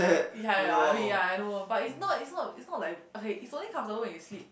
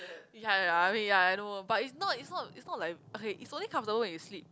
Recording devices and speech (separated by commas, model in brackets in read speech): boundary microphone, close-talking microphone, conversation in the same room